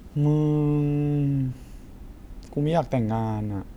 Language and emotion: Thai, frustrated